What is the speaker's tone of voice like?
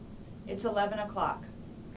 neutral